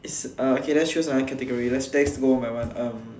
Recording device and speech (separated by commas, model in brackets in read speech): standing microphone, conversation in separate rooms